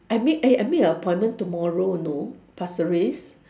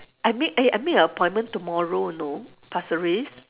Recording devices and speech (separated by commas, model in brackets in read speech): standing microphone, telephone, conversation in separate rooms